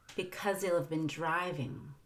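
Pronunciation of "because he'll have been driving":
The h in 'he'll' is dropped, and the end of 'because' links into it, so 'because he'll' sounds like 'because-zeal'.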